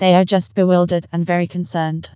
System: TTS, vocoder